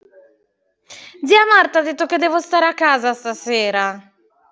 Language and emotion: Italian, sad